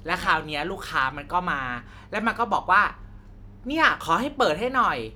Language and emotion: Thai, frustrated